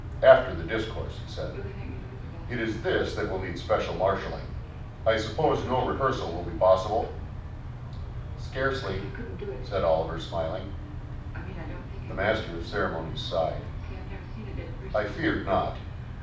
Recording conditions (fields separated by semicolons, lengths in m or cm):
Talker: one person; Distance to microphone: 5.8 m; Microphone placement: far; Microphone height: 1.8 m; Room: medium-sized (5.7 m by 4.0 m); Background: television